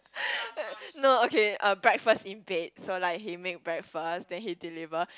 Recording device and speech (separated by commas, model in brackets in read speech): close-talking microphone, conversation in the same room